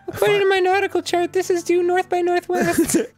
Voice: Falsetto